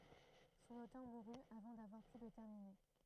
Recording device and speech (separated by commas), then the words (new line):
throat microphone, read sentence
Son auteur mourut avant d'avoir pu le terminer.